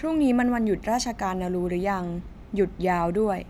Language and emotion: Thai, neutral